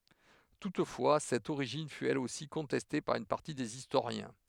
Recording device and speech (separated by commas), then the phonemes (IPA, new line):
headset microphone, read sentence
tutfwa sɛt oʁiʒin fy ɛl osi kɔ̃tɛste paʁ yn paʁti dez istoʁjɛ̃